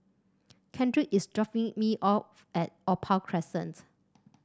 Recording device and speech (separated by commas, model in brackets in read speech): standing microphone (AKG C214), read sentence